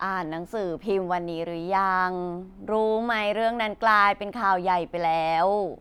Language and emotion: Thai, frustrated